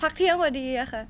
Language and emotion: Thai, happy